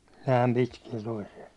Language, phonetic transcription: Finnish, 'nääm pitkiɛ toisiɛ .
- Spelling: näin pitkiä toisia

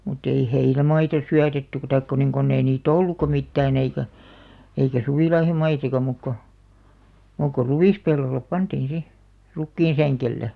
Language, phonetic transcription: Finnish, mutt ‿ei "heinämaita 'syätetty taik ko niŋ 'konn ‿ei nii"t ‿ollukka 'mittään eikä , eikä "suvìlaihomaisaka mùk ko , mùk ko "ruvìs'pellollep 'pantiin 'si , 'rukkiinsäŋkelle .
- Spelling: mutta ei heinämaita syötetty tai kun niin kun ei niitä ollutkaan mitään eikä eikä suvilaihomaissakaan muuta kuin muuta kuin ruispellolle pantiin sitten rukiinsängelle

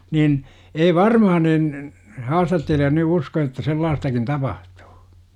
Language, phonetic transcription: Finnish, 'nin , 'ei "varmaha nin , 'haastattelija ny "usko että 'sellaastakin 'tapahtUU .
- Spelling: niin ei varmaan niin haastattelija nyt usko että sellaistakin tapahtuu

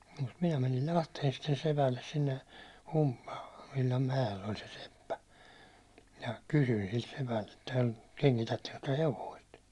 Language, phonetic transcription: Finnish, ja , mut minä mänil "Lahteen sitten 'sepälles sinne , (Humpulavvillam) mäjel ‿oĺ se 'seppä , minä 'kysyⁱn silt sepält ‿että , » 'keŋkitätteŋkö työ hevoist ? «
- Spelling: ja mutta minä menin Lahteen sitten sepälle sinne Humpulanvillan mäelle oli se seppä minä kysyin siltä sepältä että kengitättekö te hevosta

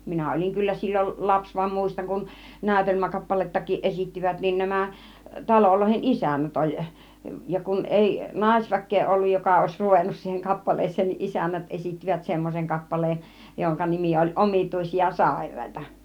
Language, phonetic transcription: Finnish, 'minä 'ol͕iŋ kyllä sil͕l͕ol 'laps vam 'mùistaŋ kun , 'nä̀ytelmäkappalettakiiˀ 'ˀesittivät niin 'nämä , 'taloloihen "ˀisännät oĺ , ja kun 'ˀèi , "nàisväk̆kee 'olluj 'joka òiś 'ruvennus siiheŋ 'kappales̆seen niˀ "ˀisännät ˀesittivät 'semmoseŋ 'kappaleen , joŋka 'nimi oĺ 'Omit̀ùisia "sàir̀àĭta .
- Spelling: minä olin kyllä silloin lapsi vaan muistan kun näytelmäkappalettakin esittivät niin nämä talojen isännät oli ja kun ei naisväkeä ollut joka olisi ruvennut siihen kappaleeseen niin isännät esittivät semmoisen kappaleen jonka nimi oli Omituisia sairaita

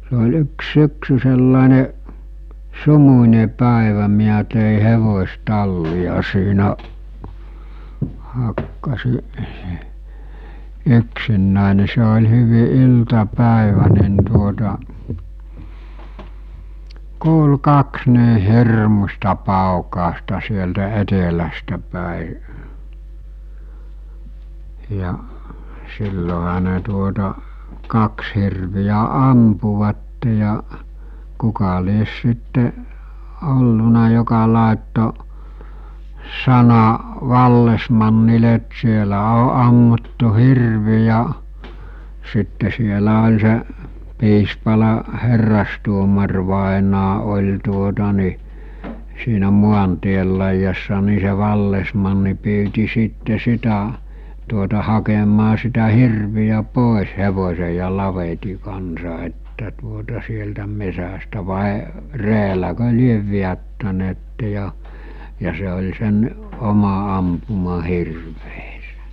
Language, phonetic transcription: Finnish, se ol 'yks 'syksy sellàene , "sumuńe 'pä̀evä miä tèi 'hevos̜'talli₍a siinä , hakkasi , 'yksinnä̀e ni se ol̜ hyvi 'ilta'pä̀evä nin tuota , 'kuulu 'kaks nii "hirmusta 'pàukàosta sieltä 'etelästä pä̀i , ja , 'silloɦa ne tuota , "kaks hirvijä 'ampuvatte ja , 'kuka lies sitte , 'olluna joka làetto , 'sana , 'vallesmannile ‿t 'sielä o ammuttu 'hirvi ja , sitte sielä oĺ se’ , 'Piispala' 'herrastuomarvàenaa oĺ tuota ni , siinä 'muantiel laijassa ni se 'vallesmanni pyyti sitte 'sitä , tuota 'hakemaa sitä 'hirviʲä 'pòes 'hevos̜eǰ ja 'laveti kansa että tuota sieltä 'mesästä vàe , 'reeläkö 'liev viättäneette ja , ja se oĺ sen , 'oma ampuma 'hirveesᴇ .
- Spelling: se oli yksi syksy sellainen sumuinen päivä minä tein hevostallia siinä hakkasin yksinäni niin se oli hyvin iltapäivä niin tuota kuului kaksi niin hirmuista paukausta sieltä etelästä päin ja silloinhan ne tuota kaksi hirveä ampuivat ja kuka lie sitten ollut joka laittoi sanan vallesmannille että siellä on ammuttu hirvi ja sitten siellä oli se Piispalan herrastuomarivainaja oli tuota niin siinä maantien laidassa niin se vallesmanni pyysi sitten sitä tuota hakemaan sitä hirveä pois hevosen ja lavetin kanssa että tuota sieltä metsästä vai reelläkö lie vedättäneet ja ja se oli sen oma ampuma hirvensä

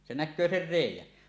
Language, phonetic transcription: Finnish, se 'näk̆köö ser "rèij̆jän .
- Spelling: se näkee sen reiän

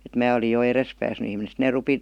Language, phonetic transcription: Finnish, et 'mää oli jo "eres pääsny ihmine sⁱt nee 'rupi ,.
- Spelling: että minä oli jo edes päässyt ihminen sitten ne rupesi

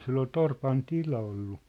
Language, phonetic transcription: Finnish, 'sil ‿ol "torpan "tila ollu .
- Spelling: sillä oli torpan tila ollut

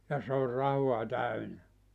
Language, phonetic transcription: Finnish, ja se or 'rahua 'täynä .
- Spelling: ja se on rahaa täynnä

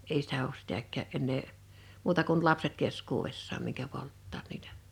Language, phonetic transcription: Finnish, 'ei sitä oos 'sitäk̆kää’ ’ennee , 'muuta kun 'lapset 'keskuuvessaam miŋkä 'polttaat niitᴀ̈ .
- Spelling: ei sitä ole sitäkään enää muuta kuin lapset keskuudessaan minkä polttavat niitä

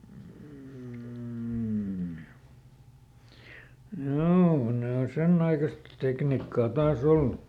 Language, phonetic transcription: Finnish, m̥ , "hjoo ˈne o ˈsenn ‿aikast ˈteknikkaa ˈtaa"s ‿ollu .
- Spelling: mm joo ne on sen aikaista tekniikkaa taas ollut

